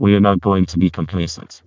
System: VC, vocoder